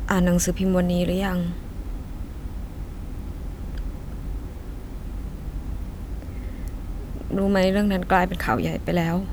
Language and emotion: Thai, sad